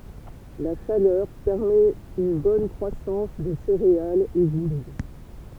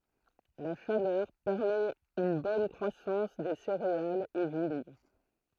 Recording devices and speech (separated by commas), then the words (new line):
temple vibration pickup, throat microphone, read sentence
La chaleur permet une bonne croissance des céréales et vignes.